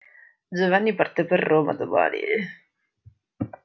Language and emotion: Italian, disgusted